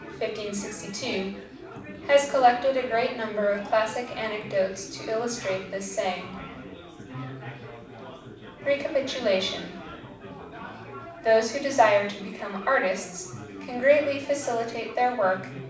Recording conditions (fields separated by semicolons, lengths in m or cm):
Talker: one person; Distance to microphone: 5.8 m; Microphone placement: far; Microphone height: 1.8 m; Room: medium-sized (5.7 m by 4.0 m); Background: babble